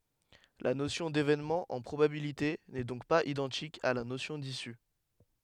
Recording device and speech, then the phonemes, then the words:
headset microphone, read sentence
la nosjɔ̃ devenmɑ̃ ɑ̃ pʁobabilite nɛ dɔ̃k paz idɑ̃tik a la nosjɔ̃ disy
La notion d'événement en probabilités n'est donc pas identique à la notion d'issue.

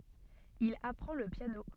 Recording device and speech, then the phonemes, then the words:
soft in-ear microphone, read sentence
il apʁɑ̃ lə pjano
Il apprend le piano.

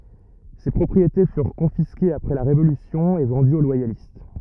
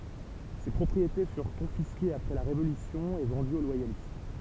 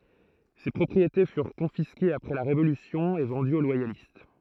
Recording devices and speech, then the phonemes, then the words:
rigid in-ear microphone, temple vibration pickup, throat microphone, read sentence
se pʁɔpʁiete fyʁ kɔ̃fiskez apʁɛ la ʁevolysjɔ̃ e vɑ̃dyz o lwajalist
Ces propriétés furent confisquées après la révolution et vendues aux loyalistes.

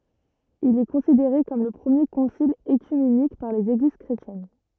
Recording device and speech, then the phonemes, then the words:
rigid in-ear microphone, read sentence
il ɛ kɔ̃sideʁe kɔm lə pʁəmje kɔ̃sil økymenik paʁ lez eɡliz kʁetjɛn
Il est considéré comme le premier concile œcuménique par les Églises chrétiennes.

